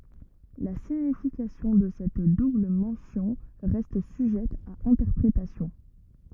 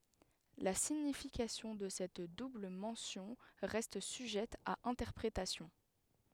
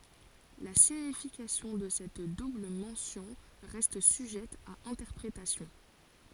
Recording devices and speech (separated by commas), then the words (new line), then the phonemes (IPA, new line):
rigid in-ear microphone, headset microphone, forehead accelerometer, read sentence
La signification de cette double mention reste sujette à interprétations.
la siɲifikasjɔ̃ də sɛt dubl mɑ̃sjɔ̃ ʁɛst syʒɛt a ɛ̃tɛʁpʁetasjɔ̃